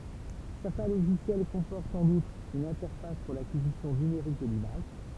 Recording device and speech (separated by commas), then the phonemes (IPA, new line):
temple vibration pickup, read sentence
sɛʁtɛ̃ loʒisjɛl kɔ̃pɔʁtt ɑ̃n utʁ yn ɛ̃tɛʁfas puʁ lakizisjɔ̃ nymeʁik də limaʒ